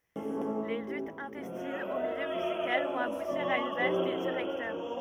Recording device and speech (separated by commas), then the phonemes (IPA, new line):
rigid in-ear microphone, read sentence
le lytz ɛ̃tɛstinz o miljø myzikal vɔ̃t abutiʁ a yn vals de diʁɛktœʁ